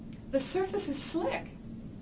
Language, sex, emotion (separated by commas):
English, female, neutral